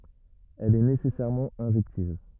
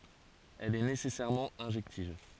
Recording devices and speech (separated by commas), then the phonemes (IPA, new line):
rigid in-ear microphone, forehead accelerometer, read sentence
ɛl ɛ nesɛsɛʁmɑ̃ ɛ̃ʒɛktiv